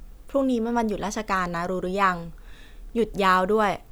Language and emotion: Thai, neutral